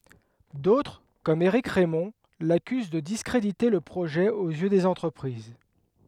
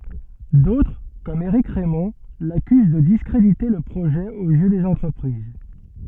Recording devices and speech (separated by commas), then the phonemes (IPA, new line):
headset microphone, soft in-ear microphone, read sentence
dotʁ kɔm eʁik ʁɛmɔ̃ lakyz də diskʁedite lə pʁoʒɛ oz jø dez ɑ̃tʁəpʁiz